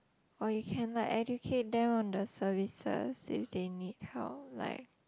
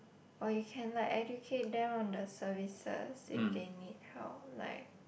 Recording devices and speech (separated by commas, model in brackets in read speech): close-talking microphone, boundary microphone, conversation in the same room